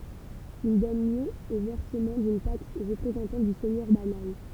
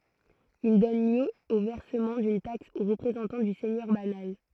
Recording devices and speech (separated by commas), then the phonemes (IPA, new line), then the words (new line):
temple vibration pickup, throat microphone, read sentence
il dɔn ljø o vɛʁsəmɑ̃ dyn taks o ʁəpʁezɑ̃tɑ̃ dy sɛɲœʁ banal
Il donne lieu au versement d'une taxe au représentant du seigneur banal.